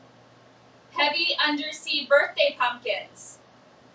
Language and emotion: English, neutral